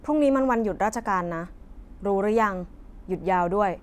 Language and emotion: Thai, frustrated